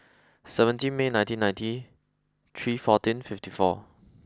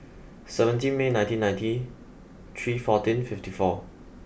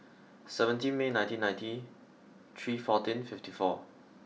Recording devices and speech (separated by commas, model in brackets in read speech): close-talking microphone (WH20), boundary microphone (BM630), mobile phone (iPhone 6), read sentence